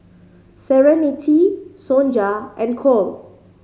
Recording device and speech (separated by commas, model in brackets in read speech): mobile phone (Samsung C5010), read sentence